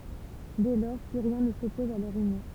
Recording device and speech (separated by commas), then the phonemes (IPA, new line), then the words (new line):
temple vibration pickup, read sentence
dɛ lɔʁ ply ʁjɛ̃ nə sɔpɔz a lœʁ ynjɔ̃
Dès lors, plus rien ne s'oppose à leur union.